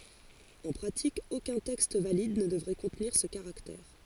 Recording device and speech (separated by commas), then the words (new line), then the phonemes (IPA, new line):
forehead accelerometer, read sentence
En pratique, aucun texte valide ne devrait contenir ce caractère.
ɑ̃ pʁatik okœ̃ tɛkst valid nə dəvʁɛ kɔ̃tniʁ sə kaʁaktɛʁ